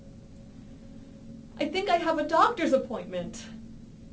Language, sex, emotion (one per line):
English
female
fearful